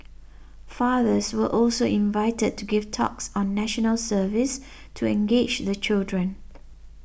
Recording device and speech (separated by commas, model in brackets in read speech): boundary microphone (BM630), read sentence